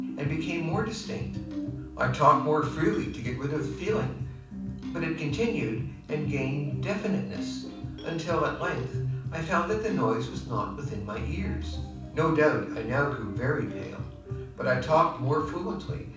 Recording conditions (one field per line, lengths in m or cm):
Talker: one person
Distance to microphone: 5.8 m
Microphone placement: far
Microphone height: 1.8 m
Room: medium-sized (5.7 m by 4.0 m)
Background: music